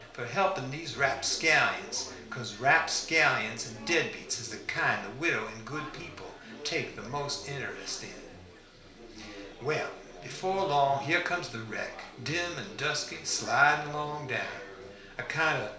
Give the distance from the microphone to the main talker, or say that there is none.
1.0 m.